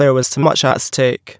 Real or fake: fake